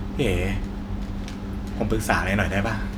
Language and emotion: Thai, frustrated